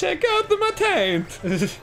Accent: Italian accent